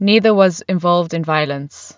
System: none